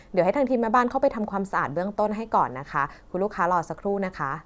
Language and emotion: Thai, neutral